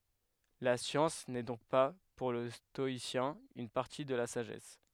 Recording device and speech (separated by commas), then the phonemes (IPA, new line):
headset microphone, read sentence
la sjɑ̃s nɛ dɔ̃k pa puʁ lə stɔisjɛ̃ yn paʁti də la saʒɛs